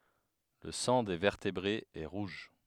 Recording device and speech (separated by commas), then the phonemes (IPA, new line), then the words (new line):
headset microphone, read sentence
lə sɑ̃ de vɛʁtebʁez ɛ ʁuʒ
Le sang des vertébrés est rouge.